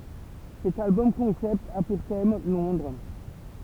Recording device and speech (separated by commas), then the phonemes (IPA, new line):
temple vibration pickup, read sentence
sɛt albɔm kɔ̃sɛpt a puʁ tɛm lɔ̃dʁ